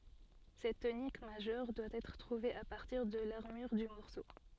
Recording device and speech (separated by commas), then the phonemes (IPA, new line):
soft in-ear microphone, read sentence
sɛt tonik maʒœʁ dwa ɛtʁ tʁuve a paʁtiʁ də laʁmyʁ dy mɔʁso